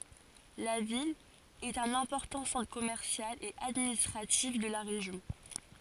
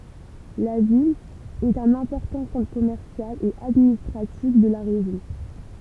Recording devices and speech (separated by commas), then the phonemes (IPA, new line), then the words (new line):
forehead accelerometer, temple vibration pickup, read sentence
la vil ɛt œ̃n ɛ̃pɔʁtɑ̃ sɑ̃tʁ kɔmɛʁsjal e administʁatif də la ʁeʒjɔ̃
La ville est un important centre commercial et administratif de la région.